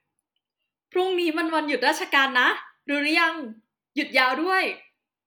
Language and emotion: Thai, happy